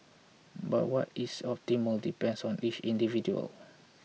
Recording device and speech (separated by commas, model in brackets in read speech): mobile phone (iPhone 6), read sentence